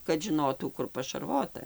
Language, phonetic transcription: Lithuanian, kad žiˈnotų ˈkur pašarˈvota

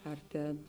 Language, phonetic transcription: Lithuanian, ar ˈtėn

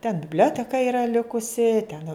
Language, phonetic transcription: Lithuanian, ten bibˈlioteka ˈira ˈlikusi ten

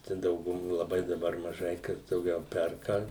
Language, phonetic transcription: Lithuanian, ˈčia dauguˈmo laˈbai daˈbar maˈžai kas dauˈgiau ˈperka

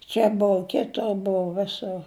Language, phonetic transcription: Lithuanian, ˈčia ˈbou ˈkitor ˈbou ˈvisur

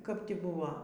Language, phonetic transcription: Lithuanian, kap ˈti ˈbuva

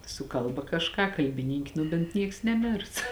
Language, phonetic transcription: Lithuanian, su ˈkalba kažˈką kalbiˈnynk' ˈnu bėnt ˈnieks neˈmėrs

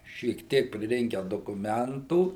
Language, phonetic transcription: Lithuanian, šiek ˈtiek priˈrinke dokuˈmentų

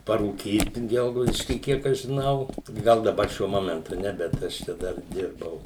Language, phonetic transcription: Lithuanian, parūˈkyt ˈgelgaudišky ˈkiek aš žiˈnau ˈgal daˈbar ˈšiuo ˈmomentu ˈne bet ˈaš čia ˈdar ˈdirbau

